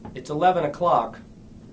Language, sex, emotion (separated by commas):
English, male, neutral